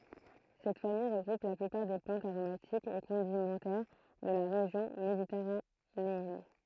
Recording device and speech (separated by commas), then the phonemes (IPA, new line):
throat microphone, read sentence
sɛt famij ʁəɡʁup la plypaʁ de plɑ̃tz aʁomatikz e kɔ̃dimɑ̃tɛʁ də la ʁeʒjɔ̃ meditɛʁaneɛn